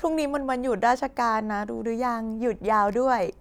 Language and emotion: Thai, happy